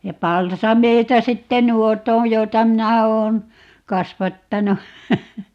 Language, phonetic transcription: Finnish, ja 'palsameita "sitte "nuot ‿oo̰ 'joita "minä 'oon , "kasvattanu .
- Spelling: ja palsameita sitten nuo on joita minä olen kasvattanut

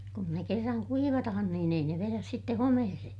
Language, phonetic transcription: Finnish, kun ne kerraŋ kuivatahan niin ‿ei ne veräs sitte homehese .
- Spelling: kun ne kerran kuivataan niin ei ne vedä sitten homeeseen

